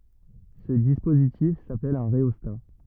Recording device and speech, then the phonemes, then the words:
rigid in-ear microphone, read sentence
sə dispozitif sapɛl œ̃ ʁeɔsta
Ce dispositif s'appelle un rhéostat.

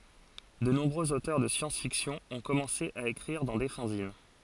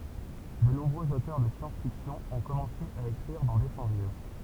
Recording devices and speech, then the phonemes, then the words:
forehead accelerometer, temple vibration pickup, read sentence
də nɔ̃bʁøz otœʁ də sjɑ̃sfiksjɔ̃ ɔ̃ kɔmɑ̃se a ekʁiʁ dɑ̃ de fɑ̃zin
De nombreux auteurs de science-fiction ont commencé à écrire dans des fanzines.

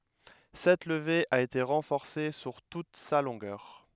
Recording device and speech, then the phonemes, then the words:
headset microphone, read sentence
sɛt ləve a ete ʁɑ̃fɔʁse syʁ tut sa lɔ̃ɡœʁ
Cette levée a été renforcée sur toute sa longueur.

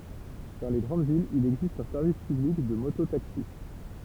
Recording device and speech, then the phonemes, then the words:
temple vibration pickup, read sentence
dɑ̃ le ɡʁɑ̃d vilz il ɛɡzist œ̃ sɛʁvis pyblik də moto taksi
Dans les grandes villes, il existe un service public de moto-taxis.

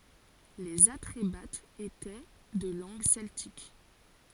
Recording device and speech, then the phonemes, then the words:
forehead accelerometer, read sentence
lez atʁebatz etɛ də lɑ̃ɡ sɛltik
Les Atrébates étaient de langue celtique.

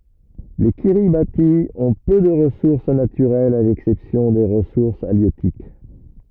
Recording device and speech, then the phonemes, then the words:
rigid in-ear microphone, read sentence
le kiʁibati ɔ̃ pø də ʁəsuʁs natyʁɛlz a lɛksɛpsjɔ̃ de ʁəsuʁs aljøtik
Les Kiribati ont peu de ressources naturelles à l'exception des ressources halieutiques.

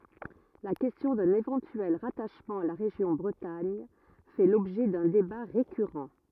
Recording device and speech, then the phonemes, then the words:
rigid in-ear microphone, read sentence
la kɛstjɔ̃ dœ̃n evɑ̃tyɛl ʁataʃmɑ̃ a la ʁeʒjɔ̃ bʁətaɲ fɛ lɔbʒɛ dœ̃ deba ʁekyʁɑ̃
La question d'un éventuel rattachement à la région Bretagne fait l'objet d'un débat récurrent.

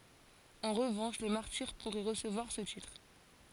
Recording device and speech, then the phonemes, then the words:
forehead accelerometer, read sentence
ɑ̃ ʁəvɑ̃ʃ le maʁtiʁ puʁɛ ʁəsəvwaʁ sə titʁ
En revanche les martyrs pourraient recevoir ce titre.

